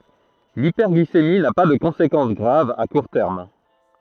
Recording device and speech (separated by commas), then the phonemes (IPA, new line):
throat microphone, read sentence
lipɛʁɡlisemi na pa də kɔ̃sekɑ̃s ɡʁav a kuʁ tɛʁm